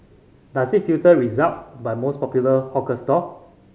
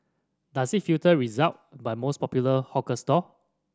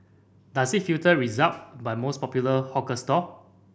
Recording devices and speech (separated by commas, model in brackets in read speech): mobile phone (Samsung C5010), standing microphone (AKG C214), boundary microphone (BM630), read sentence